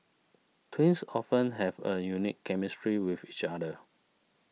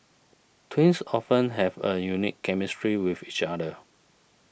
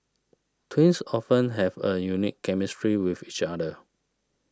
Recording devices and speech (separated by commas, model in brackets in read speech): mobile phone (iPhone 6), boundary microphone (BM630), standing microphone (AKG C214), read sentence